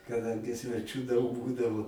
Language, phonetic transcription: Lithuanian, kaˈdangi sveˈčių daug ˈbūdavo

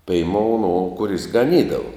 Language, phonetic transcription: Lithuanian, peiˈmou no kuˈris gaˈnydavu

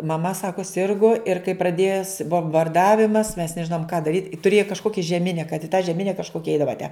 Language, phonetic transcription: Lithuanian, maˈma ˈsaku ˈsirgu ir kai praˈdės bombarˈdavimas mes neˈžinom ką daˈryt i tuˈrėju kažˈkoki žeˈmine kad i tą žeˈmine kažˈkokia ˈeidava tæ

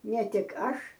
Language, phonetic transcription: Lithuanian, ne ˈtik ˈaš

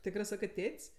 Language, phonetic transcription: Lithuanian, ˈtikrɜ ˈsakɜ ˈtėt's'

